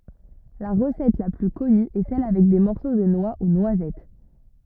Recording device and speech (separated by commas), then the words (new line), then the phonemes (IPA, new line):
rigid in-ear microphone, read sentence
La recette la plus connue est celle avec des morceaux de noix ou noisettes.
la ʁəsɛt la ply kɔny ɛ sɛl avɛk de mɔʁso də nwa u nwazɛt